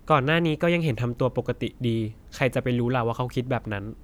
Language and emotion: Thai, neutral